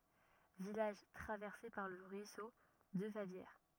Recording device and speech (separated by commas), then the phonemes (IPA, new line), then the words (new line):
rigid in-ear microphone, read sentence
vilaʒ tʁavɛʁse paʁ lə ʁyiso də favjɛʁ
Village traversé par le ruisseau de Favières.